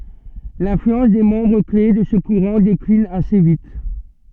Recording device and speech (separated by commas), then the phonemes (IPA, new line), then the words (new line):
soft in-ear microphone, read sentence
lɛ̃flyɑ̃s de mɑ̃bʁ kle də sə kuʁɑ̃ deklin ase vit
L’influence des membres clés de ce courant décline assez vite.